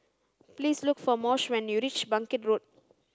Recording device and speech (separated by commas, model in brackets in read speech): standing microphone (AKG C214), read sentence